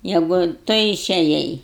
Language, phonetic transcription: Lithuanian, ˈjegu ˈtu išeˈjai

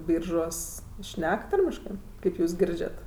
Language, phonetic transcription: Lithuanian, ˈbyržuos ˈšnek ˈtarmiškɜ ˈkaip jūs ˈgirdžiat

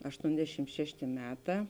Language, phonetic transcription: Lithuanian, ašˈtondešim ˈšeštė ˈmeˌtā

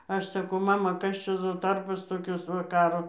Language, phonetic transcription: Lithuanian, ˈaš saˈkau ˈmama ˈkas čia ˈzo ˈtarbos toˈkios ˈva ˈkaro

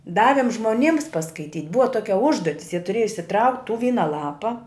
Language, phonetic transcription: Lithuanian, ˈdavim žmoˈnyms paskaiˈtyt' ˈbuva ˈtokia ˈužduotis jie tuˈrėja išsiˈtraukt' tų ˈvyna ˈlapa

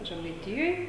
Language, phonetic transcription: Lithuanian, žemaiˈtijoj

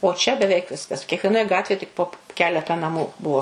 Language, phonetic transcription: Lithuanian, o čia beˈveik ˈviskas kiekvieˈnoj ˈgatvėj tik po ˈkeleta naˈmų ˈbuo

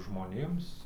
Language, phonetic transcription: Lithuanian, žmoˈnėms

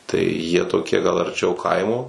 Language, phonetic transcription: Lithuanian, tai jie toˈkie gal arˈčiau ˈkaimo

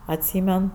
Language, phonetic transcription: Lithuanian, atˈsymen

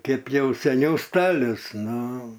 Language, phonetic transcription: Lithuanian, ˈkep ˈjau seˈniau ˈstalius ˈnu

